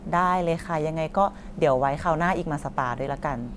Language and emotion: Thai, happy